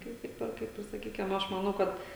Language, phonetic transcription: Lithuanian, ˈkaip tik ˈper ˈkaip ir saˈkykim ˈaš maˈnau ˈkad

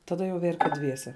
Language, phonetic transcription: Lithuanian, taˈda jau ˈverkė ˈdviese

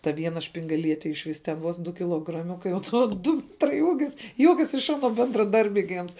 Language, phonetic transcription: Lithuanian, ta ˈviena špingaˈliete iš ˈvis ten ˈvos ˈdu kilograˈmiukai o ˈto ˈdu ˈmetrai ˈūgis ˈjuokias iš ˈano bendraˈdarbiai gi ˈans

